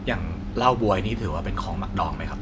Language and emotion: Thai, neutral